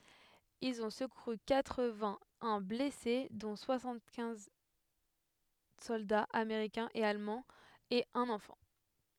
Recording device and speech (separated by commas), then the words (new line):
headset microphone, read sentence
Ils ont secouru quatre-vingt-un blessés dont soixante-quinze soldats américains et allemands et un enfant.